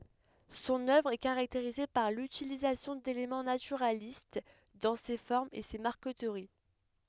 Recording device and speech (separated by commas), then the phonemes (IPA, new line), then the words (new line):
headset microphone, read sentence
sɔ̃n œvʁ ɛ kaʁakteʁize paʁ lytilizasjɔ̃ delemɑ̃ natyʁalist dɑ̃ se fɔʁmz e se maʁkətəʁi
Son œuvre est caractérisée par l'utilisation d'éléments naturalistes dans ses formes et ses marqueteries.